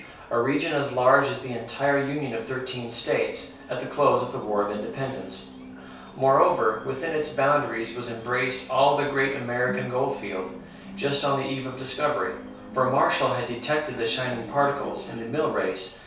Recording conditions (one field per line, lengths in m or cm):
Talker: one person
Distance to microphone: 3.0 m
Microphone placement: far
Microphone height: 1.8 m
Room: small (3.7 m by 2.7 m)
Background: television